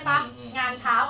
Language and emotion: Thai, neutral